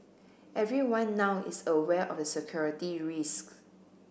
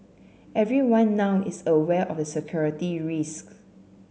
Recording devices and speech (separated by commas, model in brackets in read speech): boundary microphone (BM630), mobile phone (Samsung C7), read sentence